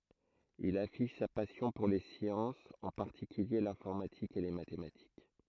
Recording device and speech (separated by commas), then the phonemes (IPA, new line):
throat microphone, read sentence
il afiʃ sa pasjɔ̃ puʁ le sjɑ̃sz ɑ̃ paʁtikylje lɛ̃fɔʁmatik e le matematik